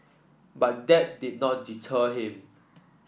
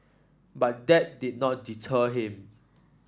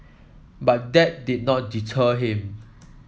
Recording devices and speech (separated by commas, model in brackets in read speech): boundary microphone (BM630), standing microphone (AKG C214), mobile phone (iPhone 7), read sentence